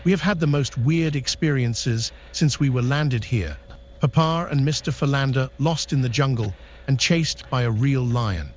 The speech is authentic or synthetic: synthetic